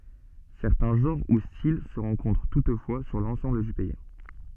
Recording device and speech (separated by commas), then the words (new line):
soft in-ear microphone, read sentence
Certains genres ou styles se rencontrent toutefois sur l'ensemble du pays.